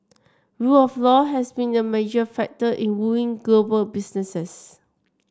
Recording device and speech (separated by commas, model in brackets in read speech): standing microphone (AKG C214), read sentence